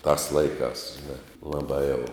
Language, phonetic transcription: Lithuanian, tās ˈlaikās ˈžina ˈlabā jau

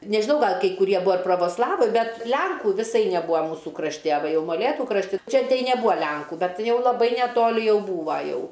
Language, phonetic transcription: Lithuanian, nežiˈnau ˈgal kai kuˈrie ˈbua ir provosˈlavai ˈbet ˈlenkų viˈsai neˈbūa ˈmūsų krašˈti a ˈva ˈjau moˈlėtų krašˈti ˈčia neˈbua ˈlenku ˈbet ˈjau laˈbai neˈtoli ˈjau ˈbūva ˈjau

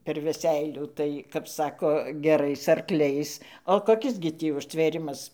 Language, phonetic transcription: Lithuanian, per veˈseilių tai kap ˈsako geˈrais arˈkliais o koˈkis gi ˈtį užtvėˈrimas

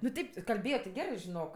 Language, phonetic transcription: Lithuanian, nu ˈteip kalˈbėjo ti ˈgerɜ žiˈnok

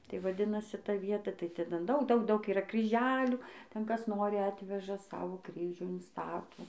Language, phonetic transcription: Lithuanian, tai vaˈdinasi ˈta ˈvieta tai ˈten ˈdaug ˈdaug yˈra kryˈželių ten ˈkas ˈnori ˈatveža ˈsavo ˈkryžių inˈstato

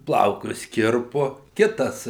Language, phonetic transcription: Lithuanian, ˈplaukus ˈkirpu ˈkitas

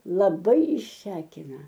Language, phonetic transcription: Lithuanian, laˈbai išˈsekina

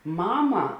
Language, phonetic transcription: Lithuanian, ˈmama

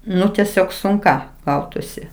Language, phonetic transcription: Lithuanian, ˈnu teˈsiog sunˈka ˈgautusi

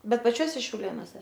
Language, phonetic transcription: Lithuanian, ˈbet paˈčiuose šiauˈlėnose

